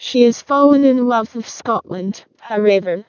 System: VC, vocoder